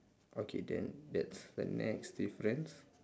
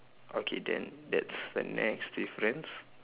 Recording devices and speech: standing microphone, telephone, conversation in separate rooms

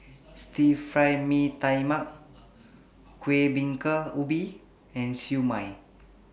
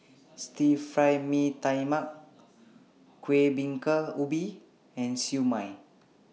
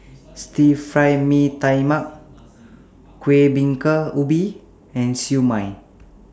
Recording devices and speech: boundary microphone (BM630), mobile phone (iPhone 6), standing microphone (AKG C214), read sentence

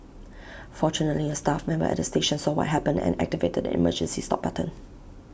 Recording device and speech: boundary microphone (BM630), read sentence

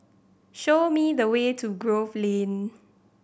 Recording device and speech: boundary microphone (BM630), read sentence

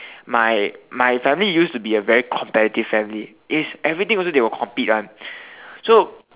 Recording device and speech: telephone, conversation in separate rooms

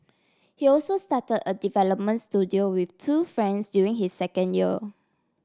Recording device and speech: standing microphone (AKG C214), read sentence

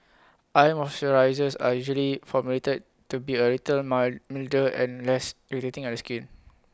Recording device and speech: close-talking microphone (WH20), read sentence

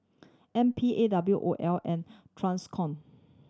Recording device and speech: standing microphone (AKG C214), read sentence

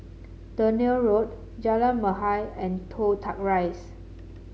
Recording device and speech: mobile phone (Samsung C7), read sentence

